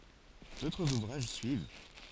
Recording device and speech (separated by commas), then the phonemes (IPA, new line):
forehead accelerometer, read sentence
dotʁz uvʁaʒ syiv